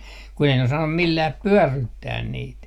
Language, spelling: Finnish, kun ei ne osannut millään pyörryttää niitä
- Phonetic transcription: ku ei ne osannum "millääp "pyörryttään 'niit .

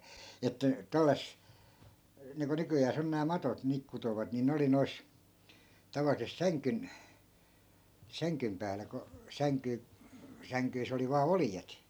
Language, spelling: Finnish, että - niin kuin nykyään on nämä matot niin kutovat niin ne oli noissa tavallisesti sängyn sängyn päällä kun - sängyssä oli vain oljet
- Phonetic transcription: että , 'tälläs- , niiŋku 'nykyjääs ‿on nää 'matot 'niik kutovat ni 'ne oli 'nois , 'tavalisest "säŋkyn , 'säŋkym päälä ko , 'säŋky- , 'säŋkyis ‿oli vaa "oljet .

